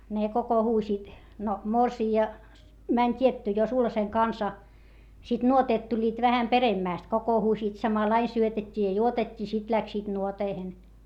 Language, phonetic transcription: Finnish, ne kokohuusiit , no morsii₍a , mäń t́ietty jo sulhaseŋ kansa , sit nuoteet tuĺĺiit vähäm peremmä̀st kokohuusiit samalaiⁿ syötet́t́i ja juotet́t́ii sit läksiit nuoteihen .
- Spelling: ne kokoontuivat no morsian meni tietty jo sulhasen kanssa sitten nuoteet tulivat vähän peremmästi kokoontuivat samalla lailla syötettiin ja juotettiin sitten lähtivät nuoteihin

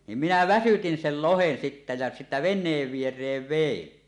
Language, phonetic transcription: Finnish, nim "minä 'väsytin 'sel "lohen sittä jä , sittä "ven̆neev 'vier̀eev 'vein .
- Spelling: niin minä väsytin sen lohen sitten ja sitten veneen viereen vein

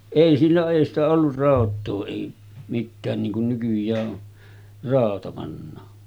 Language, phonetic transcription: Finnish, 'èi sillo’ ’èi ‿stä ollur 'ràot̆too èi , mittään niiŋ kun 'nykyj̀ää ’o , 'ràota pannaa .
- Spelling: ei sillon ei sitä ollut rautaa ei mitään niin kuin nykyään on rauta pannaan

